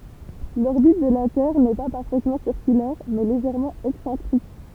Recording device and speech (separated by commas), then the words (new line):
temple vibration pickup, read sentence
L'orbite de la Terre n'est pas parfaitement circulaire, mais légèrement excentrique.